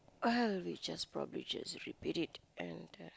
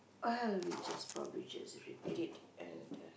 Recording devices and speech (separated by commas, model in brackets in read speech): close-talking microphone, boundary microphone, conversation in the same room